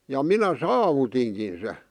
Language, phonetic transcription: Finnish, ja "minä "saavutiŋkin se .
- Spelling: ja minä saavutinkin sen

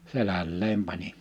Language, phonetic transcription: Finnish, 'selälleem 'panin .
- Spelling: selälleen panin

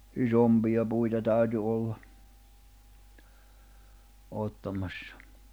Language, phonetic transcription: Finnish, 'isompija puita 'tä̀y̬ty olla , 'òttamassᴀ .
- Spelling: isompia puita täytyi olla ottamassa

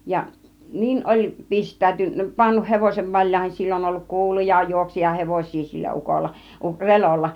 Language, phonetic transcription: Finnish, ja , "niin oĺ 'pist̀ä̆y̆tyn- , pannun 'hevosev 'vaĺjàihin , 'sill ‿on olluk "kuuluja 'juoksija "hevoś̆sii sillä 'ukolla , 'Relolla .
- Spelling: ja niin oli - pannut hevosen valjaihin sillä on ollut kuuluja - juoksijahevosia sillä ukolla Relolla

